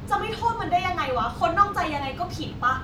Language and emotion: Thai, angry